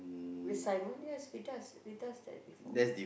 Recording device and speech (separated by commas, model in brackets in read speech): boundary microphone, conversation in the same room